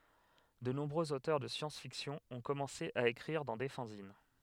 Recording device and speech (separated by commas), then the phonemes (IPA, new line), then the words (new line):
headset microphone, read sentence
də nɔ̃bʁøz otœʁ də sjɑ̃sfiksjɔ̃ ɔ̃ kɔmɑ̃se a ekʁiʁ dɑ̃ de fɑ̃zin
De nombreux auteurs de science-fiction ont commencé à écrire dans des fanzines.